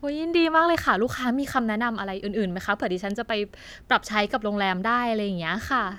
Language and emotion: Thai, happy